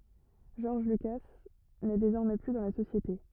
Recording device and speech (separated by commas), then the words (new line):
rigid in-ear microphone, read sentence
George Lucas n'est désormais plus dans la société.